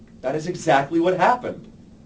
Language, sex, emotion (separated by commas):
English, male, neutral